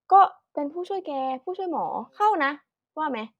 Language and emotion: Thai, neutral